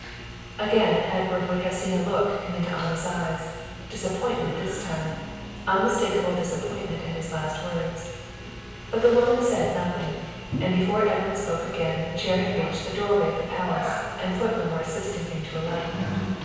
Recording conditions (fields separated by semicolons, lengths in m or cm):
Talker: one person; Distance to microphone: 7.1 m; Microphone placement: far; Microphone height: 1.7 m; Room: very reverberant, large; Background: television